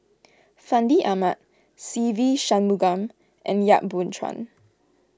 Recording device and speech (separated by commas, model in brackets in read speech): close-talking microphone (WH20), read sentence